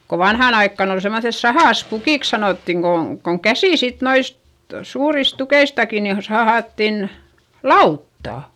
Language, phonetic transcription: Finnish, ko vanhàn ‿aikkàn ‿ol semmoϑes "sahàs"pukìks sanòttiŋ ko , koŋ käsì sit noist , suuris tukeistaki ni o- , sahàttin , lauttà .
- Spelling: kun vanhaan aikaan oli semmoiset sahaspukiksi sanottiin kun kun käsin sitten noista suurista tukeistakin niin - sahattiin lautaa

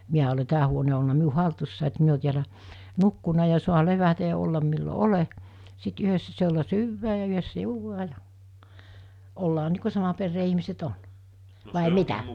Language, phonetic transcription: Finnish, 'miä ole 'tää huone o olna 'miu 'haltussài et 'mi ‿o tiälä , 'nukkuna ja sua 'levätä ja 'ollam millo "ole , sit 'yhössä s(i)elä 'syyvää ja yhəssä 'juuvaa ja , ollaa nii ku 'sama perree ihmiset 'on , vài "mitä ?
- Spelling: minä olen tämä huone on ollut minun hallussani että minä olen täällä nukkunut ja saa levätä ja olla milloin olen sitten yhdessä siellä syödään ja yhdessä juodaan ja ollaan niin kuin saman perheen ihmiset on vai mitä

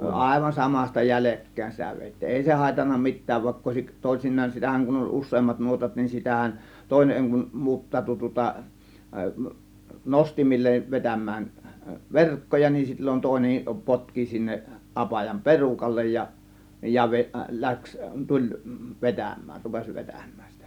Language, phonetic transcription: Finnish, àėvan "samas̆ta "jälekkä̀ėn sitä 'vèittii(n) "èi se hàėtanna "mit̆tääv vàėkk ‿òėsik , 'tòėsin̆naan sitähän kun oĺ 'us̆seemmat 'nuotat nin 'sitähän , 'tòėneŋ kum 'muuttaatu tŭŏta , 'nostimillev vetäm̆mään , "verkkoja nin sil͕l͕on 'tòėnem 'potki sinneˀ , 'ˀapajam "perukallej ja , ja 've- , 'läks , 'tuĺ , 'vetäm̆mään , rupes͕ 'vetäm̆mÄÄN sItÄ .
- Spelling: aivan samasta jäljekkäin sitä vedettiin ei se haitannut mitään vaikka olisikin toisinaan sitähän kun oli useammat nuotat niin sitähän toinen kun muuttautui tuota nostimille vetämään verkkoja niin silloin toinen potki sinne apajan perukalle ja ja - lähti tuli vetämään rupesi vetämään sitä

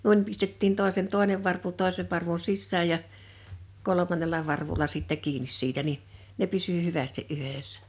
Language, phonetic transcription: Finnish, 'nuin pistettiin 'tòesen 'tòenev varpu 'tòesev varvun̬ 'sissääj ja , 'kolomannela 'varvula sittɛ 'kiinis 'siitä ni , 'ne 'pysy "hyvästi '’yhèssᴀ̈ .
- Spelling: noin pistettiin toisen toinen varpu toisen varvun sisään ja kolmannella varvulla sitten kiinni siitä niin ne pysyi hyvästi yhdessä

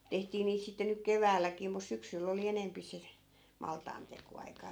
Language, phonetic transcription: Finnish, 'tehtii niit 'sitte nyk "keväälläkii mus 'syksyll ‿oli 'enempi se , 'maltaanteko₍'aikaa .
- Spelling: tehtiin niitä sitten nyt keväälläkin mutta syksyllä oli enempi se maltaantekoaika

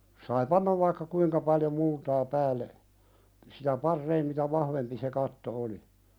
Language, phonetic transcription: Finnish, sai "pannav vaikka 'kuiŋka paljo "multaa 'päälle , siitä "parreim mitä "vahvempi se 'katto oli .
- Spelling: sai panna vaikka kuinka paljon multaa päälle siitä parempi mitä vahvempi se katto oli

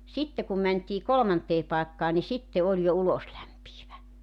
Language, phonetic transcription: Finnish, 'sitte kum mänt́ii "kolᵒmantee 'pàekkaa ni 'sitte 'oĺ jo "uloslämpiivä .
- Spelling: sitten kun mentiin kolmanteen paikkaan niin sitten oli jo uloslämpiävä

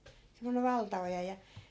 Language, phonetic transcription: Finnish, semmonev̆ 'valta₍oja ja .
- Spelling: semmoinen valtaoja ja

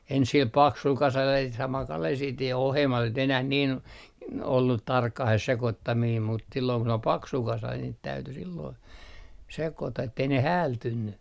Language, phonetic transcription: Finnish, ens sil "paksul 'kasal ja sit samal kalel sit ja ohemmas ei nyt ‿enäh nin , ollut 'tarkkah se 'sekottamiim mut , silloo kun ‿ol "paksu 'kasa niit 'täyty silloi , 'sekota ettei ne "häältynny .
- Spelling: ensin sillä paksulla kasalla ja sitten samalla kalella sitten ja ohuemmaksi ei nyt enää niin ollut tarkkaan se sekoittaminen mutta silloin kun oli paksu kasa niitä täytyi silloin sekoittaa että ei ne häältynyt

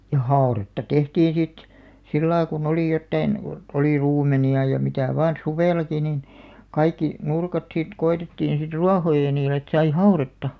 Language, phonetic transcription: Finnish, ja "haoretta 'tehtiiḭ sit , 'sillai ku'n ‿olì jottain , (ko) , oli 'ruum̆meni₍a ja 'mitä̀ vaan̬ "suvèlaki nin , 'kaikki , 'nurkat sit 'ko₍etettiin̬ sit "ruahoja niilᵉ et sai "hauretta .
- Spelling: ja haudetta tehtiin sitten sillä lailla kun oli jotakin kun oli ruumenia ja mitä vain suvellakin niin kaikki nurkat sitten koetettiin sitten ruohoja niille että sai haudetta

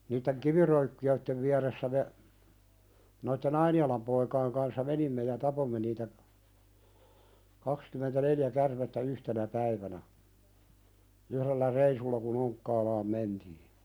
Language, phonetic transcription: Finnish, niitteŋ "kiviröykki₍öittev viäressä me , noitte"n ‿Aini₍alam poikaiŋ kanssa 'menimme ja 'tapomme niitä , kakskymentä"neljä kärmettä 'yhtenä 'päivänä , uhðellä "reisulla ku'n ‿Oŋkkaalaam "mentii .
- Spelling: niiden kiviröykkiöiden vieressä me noiden Ainialan poikien kanssa menimme ja tapoimme niitä kaksikymmentäneljä käärmettä yhtenä päivänä yhdellä reissulla kun Onkkaalaan mentiin

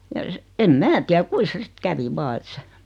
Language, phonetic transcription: Finnish, ja ˢᵉ , em "mää tiä 'kui sᵉ 'sⁱt "kävi "vaa et se ,.
- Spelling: ja se en minä tiedä kuinka se sitten kävi vain että se

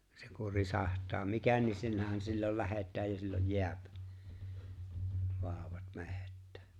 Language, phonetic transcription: Finnish, se ku 'risàht̀aa "mikä niin 'sillähän sillol 'lähet̆tääj ja silloj "jḙäp , 'vaaᵒwat "meht̆tᴀ̈ᴀ̈ .
- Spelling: se kun risahtaa mikä niin sillähän silloin lähdetään ja silloin jää vauvat metsään

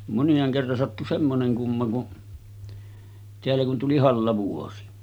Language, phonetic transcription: Finnish, monjaaŋ kerran sattu 'semmoneŋ 'kumma kun , 'teällä kun tuli "hallavuosi .
- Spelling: moniaan kerran sattui semmoinen kumma kun täällä kun tuli hallavuosi

